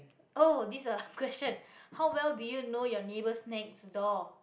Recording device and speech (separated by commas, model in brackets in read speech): boundary microphone, conversation in the same room